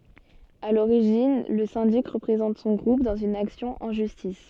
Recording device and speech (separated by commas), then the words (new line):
soft in-ear microphone, read sentence
À l'origine, le syndic représente son groupe dans une action en justice.